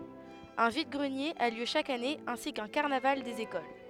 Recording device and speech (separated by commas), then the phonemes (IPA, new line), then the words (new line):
headset microphone, read sentence
œ̃ vid ɡʁənjez a ljø ʃak ane ɛ̃si kœ̃ kaʁnaval dez ekol
Un vide-greniers a lieu chaque année ainsi qu'un carnaval des écoles.